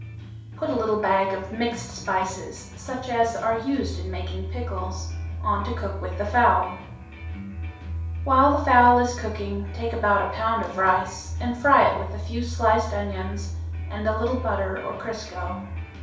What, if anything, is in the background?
Music.